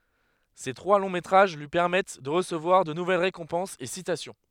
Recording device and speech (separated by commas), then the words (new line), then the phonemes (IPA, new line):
headset microphone, read sentence
Ses trois longs métrages lui permettent de recevoir de nouvelles récompenses et citations.
se tʁwa lɔ̃ metʁaʒ lyi pɛʁmɛt də ʁəsəvwaʁ də nuvɛl ʁekɔ̃pɑ̃sz e sitasjɔ̃